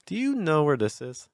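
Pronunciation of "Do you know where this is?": The pitch starts high, then goes down, and finishes a little higher at the end of the question.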